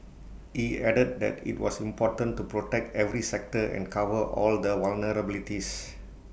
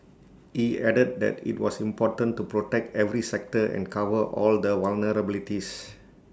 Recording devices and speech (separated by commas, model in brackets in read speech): boundary microphone (BM630), standing microphone (AKG C214), read sentence